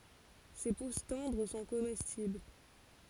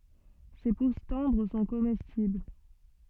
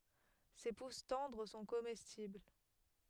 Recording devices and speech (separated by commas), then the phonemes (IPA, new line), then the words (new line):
forehead accelerometer, soft in-ear microphone, headset microphone, read sentence
se pus tɑ̃dʁ sɔ̃ komɛstibl
Ses pousses tendres sont comestibles.